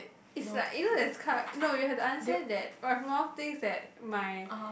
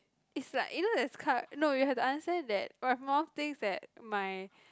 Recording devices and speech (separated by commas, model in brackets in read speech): boundary microphone, close-talking microphone, conversation in the same room